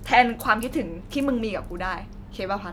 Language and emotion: Thai, neutral